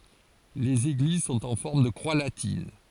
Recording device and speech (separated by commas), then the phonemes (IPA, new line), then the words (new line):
forehead accelerometer, read sentence
lez eɡliz sɔ̃t ɑ̃ fɔʁm də kʁwa latin
Les églises sont en forme de croix latine.